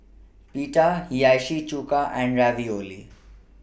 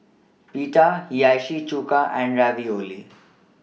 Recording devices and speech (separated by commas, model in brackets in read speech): boundary microphone (BM630), mobile phone (iPhone 6), read sentence